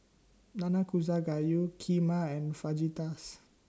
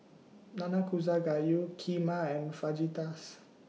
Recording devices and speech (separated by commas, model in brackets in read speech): standing microphone (AKG C214), mobile phone (iPhone 6), read sentence